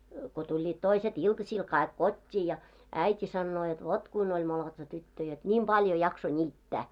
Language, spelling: Finnish, kun tulivat toiset iltasilla kaikki kotiin ja äiti sanoo jotta vot kuinka oli molotsa tyttö jotta niin paljon jaksoi niittää
- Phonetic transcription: ko 'tuĺĺiit 'toiset "iltasil kaik "kot́t́i ja , 'äit́i sannoo jot "vot 'kuin oĺ molotsa 'tyttö jot 'ńim 'ʙaljo jakso 'ńiittä .

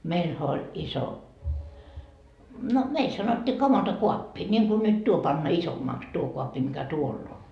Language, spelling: Finnish, meillähän oli iso no meillä sanottiin kamantokaappi niin kuin nyt tuo panna isommaksi tuo kaappi mikä tuolla on
- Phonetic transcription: 'meilhä oĺ , 'iso , no , meil sanot́t́ii "kamanto'kuappi , ńiŋku nyt 'tuo panna "isommaks 'tuo 'koappi mikä "tuoll ‿o .

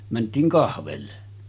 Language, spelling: Finnish, mentiin kahville
- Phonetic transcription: mänt̀iiŋ 'kahvelle .

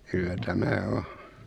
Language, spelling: Finnish, kyllä tämä on
- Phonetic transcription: 'kyllä 'tämä "o .

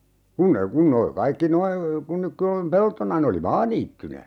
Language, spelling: Finnish, kun ne kun ne oli kaikki nuo kun nyt kun on peltona ne oli maaniittynä
- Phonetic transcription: 'kun ne 'kun ne (oli) 'kaikki "noi , kun nyk (kö on) , 'peltona ne oli "maaniittynä .

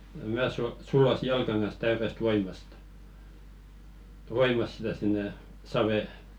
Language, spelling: Finnish, minä - sulloin jalkani kanssa täydestä voimasta voimasta sitä sinne saveen
- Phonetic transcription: "mää su- 'sullosi "jalkaŋ kans täyrest 'voimast , "voimas sitä sinne , 'savè .

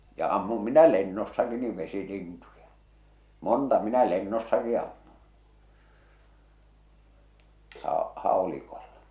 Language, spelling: Finnish, ja ammuin minä lennossakin niin vesilintuja monta minä lennossakin ammuin - haulikolla
- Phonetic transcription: ja ammum minä 'lennossaki niv 'vesilintuja , "monta minä 'lennossaki ammun̬ , hà- , 'hàolikolla .

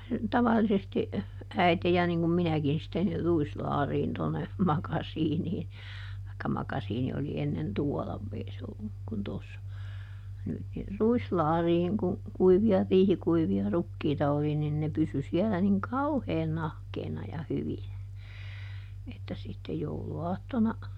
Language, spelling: Finnish, tavallisesti äiti ja niin kuin minäkin sitten niin ruislaariin tuonne makasiiniin tai makasiini oli ennen tuolla ei se ollut kuin tuossa nyt niin ruislaariin kun kuivia riihikuivia rukiita oli niin ne pysyi siellä niin kauhean nahkeana ja hyvinä että sitten jouluaattona
- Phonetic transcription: ˈtavallisesti , ˈäite ja niŋ kum ˈminäkin sitten ni ˈruislaariin tonne , ˈmakasiinii , taikka ˈmakasiini oli ˈennen "tuɔla , ˈei se olluk kun tossa , nyt - ni , "ruislaariiŋ ku , ˈkuivi₍a "riihikuivi₍a ˈrukkiita oli nin ne ˈpysy siɛlä niŋ "kauheen ˈnahkeena ja ˈhyvinä , että sitte ˈjoulu₍aattona ,.

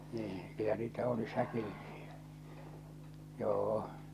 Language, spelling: Finnish, niin kyllä niitä oli säkillisiä joo
- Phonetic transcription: 'nii , kyllä niitä 'oli 'säkillisɪ₍ᴀ̈ , "joo₍o .

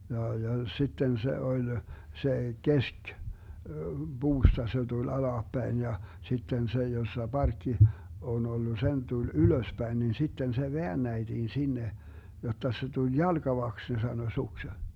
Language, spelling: Finnish, ja ja sitten se oli se - puusta se tuli alaspäin ja sitten se jossa parkki on ollut sen tuli ylöspäin niin sitten se väännettiin sinne jotta se tuli jalkavaksi ne sanoi suksen
- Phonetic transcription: ja ja 'sitten se 'oĺ , se 'kesk- , 'buusta se tul 'alaappäin ja , 'sitten 'se 'jossa "barkki , on 'ollu , 'sen 'tul "ylöspäin nin 'sitten se "veännäiDiin 'sinne , jotta se tuĺ "jalGavaks ne 'sano 'sukse .

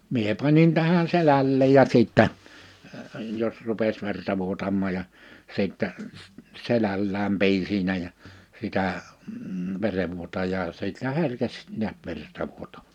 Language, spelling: Finnish, minä panin tähän selälleen ja sitten jos rupesi verta vuotamaan ja sitten selällään pidin siinä ja sitä verenvuotajaa siltä herkesi näet verta -
- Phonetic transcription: 'mie 'panin tähän 'selälleej ja 'sìttä , jos 'ru̬pes 'verta 'vuotammaa ja , 'sìttɛ , 'selällääm 'piʲin̬ siinä ja , 'sitä , 'verevvuotajaa 'siltä 'herkes 'niät 'verta vuotama- .

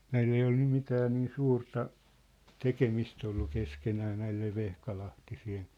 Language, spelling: Finnish, näillä ei ole nyt mitään niin suurta tekemistä ollut keskenään näille vehkalahtisten
- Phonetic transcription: näil ‿ei ol 'nym 'mitää nii "suurta , "tekemist ‿ollu 'keskenää 'näil̆lev 'vehkalahtisi₍en̬ ,.

